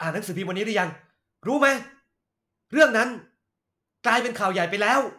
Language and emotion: Thai, angry